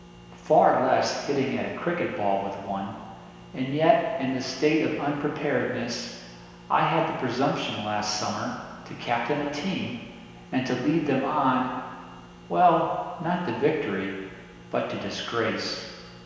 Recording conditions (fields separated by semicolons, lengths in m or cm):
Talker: one person; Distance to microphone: 1.7 m; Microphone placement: close; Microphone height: 1.0 m; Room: very reverberant, large; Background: none